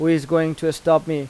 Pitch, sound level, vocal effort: 160 Hz, 90 dB SPL, normal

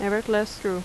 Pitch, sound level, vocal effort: 210 Hz, 82 dB SPL, normal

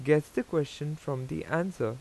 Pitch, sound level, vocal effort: 150 Hz, 85 dB SPL, normal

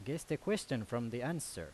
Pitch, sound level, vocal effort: 135 Hz, 86 dB SPL, loud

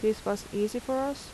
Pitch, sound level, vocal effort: 220 Hz, 81 dB SPL, soft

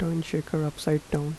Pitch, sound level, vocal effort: 155 Hz, 78 dB SPL, soft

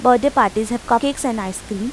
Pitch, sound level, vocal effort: 240 Hz, 87 dB SPL, normal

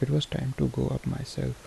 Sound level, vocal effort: 71 dB SPL, soft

